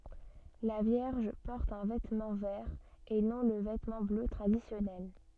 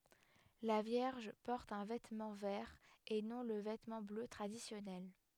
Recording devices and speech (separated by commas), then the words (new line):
soft in-ear microphone, headset microphone, read sentence
La Vierge porte un vêtement vert et non le vêtement bleu traditionnel.